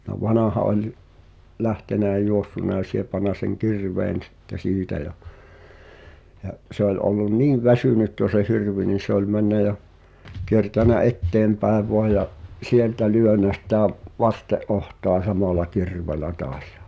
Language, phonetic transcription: Finnish, no "vanaha oĺ , 'lähtenä ʲä 'juossuna ʲa 'siepana seŋ "kirveen̬ stte 'siitä ja , ja’ 'se ‿oĺ ’ollun "niiv 'väsynyt jo se 'hirvi ni se ‿oĺ 'männä ja , kiertänä "’etteempäe voa ja’ , "sieltä 'lyönä sitä v- , "vaste’ '’ohtoa 'samala "kirveel̆lä toas ᴊᴀ .
- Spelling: no vanha oli lähtenyt ja juossut ja siepannut sen kirveen sitten siitä ja ja se oli ollut niin väsynyt jo se hirvi niin se oli mennyt ja kiertänyt eteenpäin vain ja sieltä lyönyt sitä - vasten otsaa samalla kirveellä taas ja

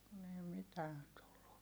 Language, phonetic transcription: Finnish, kun ‿ei mitään tullu .
- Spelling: kun ei mitään tullut

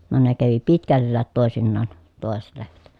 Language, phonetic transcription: Finnish, no ne kävi pitkälläät tòesinnaan , tòeset lehmät .
- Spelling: no ne kävi pitkälläkin toisinaan toiset lehmät

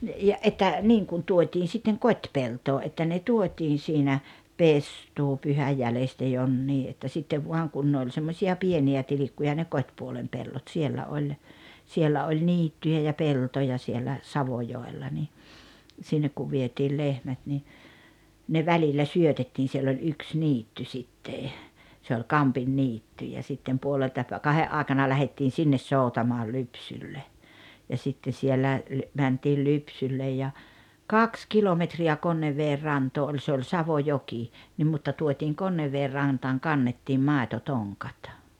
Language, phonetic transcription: Finnish, ja '’että , niiŋ kun 'tuot́iin sitteŋ "kot́peltoo ’että ne 'tuot́iin̬ siinä , "pestuupyhäj 'jälestä 'jonnii ’että 'sittev vuaŋ 'kun ne oĺ 'semmośi₍a "pieni₍ä 'tilikkuja ne "kot́puolem 'pellot 'siellä oĺ , 'siellä oĺ "niittyjä ja 'peltoja siellä , "Savojoella ni , 'sinnek ku 'vietiil 'lehmät ni , ne 'välillä "syötettiin̬ siell ‿oĺ 'yks "niitty 'sitte , se oĺ "Kampinniitty ja sittem 'puolelta pä- , "kahe’ '’aaᵉkana lähettiin̬ 'sinnes 'sòutamoal "lypsyllej , ja 'sitte 'siellä , 'mäntiil 'lypsyllej ja , "kaks "kilometri₍ä 'Konnevveer "rantoo oĺ se oĺ "Savojoki , 'nim mutta 'tuot́iiŋ "Konnevveer 'rantaaŋ "kannettiim "màetotoŋkᴀt .
- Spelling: ja että niin kun tuotiin sitten kotipeltoon että ne tuotiin siinä pestuupyhänä jäljestä jonnekin että sitten vaan kun ne oli semmoisia pieniä tilkkuja ne kotipuolen pellot siellä oli siellä oli niittyjä ja peltoja siellä Savojoella niin sinne kun vietiin lehmät niin ne välillä syötettiin siellä oli yksi niitty sitten se oli Kampinniitty ja sitten puolelta - kahden aikana lähdettiin sinne soutamaan lypsylle ja sitten siellä mentiin lypsylle ja kaksi kilometriä Konneveden rantaan oli se oli Savojoki niin mutta tuotiin Konneveden rantaan kannettiin maitotonkat

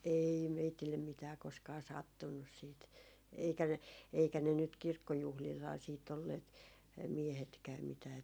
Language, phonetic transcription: Finnish, 'ei 'meitillem mitää koskaa "sattunnus siit , eikä ne , 'eikä ne nyt 'kirkkojuhlilhaa siit ‿olleet , 'miehetkääm mitää .
- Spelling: ei meille mitään koskaan sattunut sitten eikä ne eikä ne nyt kirkkojuhlillahan sitten olleet miehetkään mitään

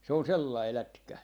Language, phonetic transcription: Finnish, se on "sellai 'lätkä .
- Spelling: se on sellainen lätkä

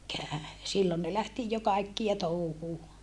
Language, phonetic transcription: Finnish, sillon ne lähti jo kaikkia touhuu .
- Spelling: silloin ne lähti jo kaikkia touhuun

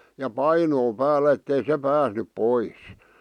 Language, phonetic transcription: Finnish, ja 'painoo 'päällä ettei se 'pääsnyp "pois .
- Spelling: ja painoa päällä että ei se päässyt pois

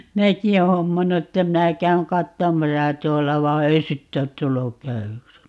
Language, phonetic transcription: Finnish, 'minäki oo "hommannu että 'minä 'käyŋ "kattomasa 'tuolla va "ei 'sitte ot 'tulluk "käywyks .
- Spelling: minäkin olen hommannut että minä käyn katsomassa tuolla vaan ei sitten ole tullut käydyksi

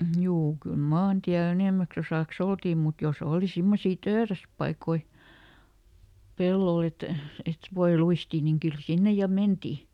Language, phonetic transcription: Finnish, ˈjuu kyl "maantiäˈl ‿enèmäks ‿osàks "oltii mut joˈs ‿ooli ˈsimmosii "tööräspaikoi , ˈpellol ‿et , et "voi ˈluistii niŋ ˈkyl ˈsinne ja "menti .
- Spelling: juu kyllä maantiellä enimmäksi osaksi oltiin mutta jos oli semmoisia töyräspaikkoja pellolla että että voi luistia niin kyllä sinne ja mentiin

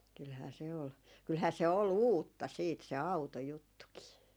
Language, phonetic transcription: Finnish, kylhää se ol , kylhää se ol "uutta siit se "au̬tojuttukii .
- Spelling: kyllähän se oli kyllähän se oli uutta sitten se autojuttukin

